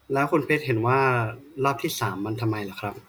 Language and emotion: Thai, neutral